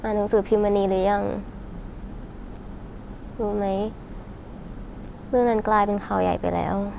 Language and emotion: Thai, sad